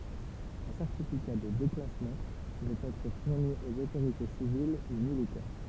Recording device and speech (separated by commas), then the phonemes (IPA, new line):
temple vibration pickup, read sentence
œ̃ sɛʁtifika də deklasmɑ̃ puvɛt ɛtʁ fuʁni oz otoʁite sivil u militɛʁ